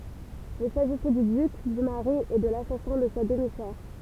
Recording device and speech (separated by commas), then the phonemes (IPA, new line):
temple vibration pickup, read sentence
il saʒisɛ dy dyk dy maʁi e də lasasɛ̃ də sa dəmi sœʁ